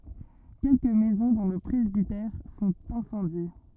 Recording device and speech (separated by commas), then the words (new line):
rigid in-ear microphone, read sentence
Quelques maisons, dont le presbytère, sont incendiées.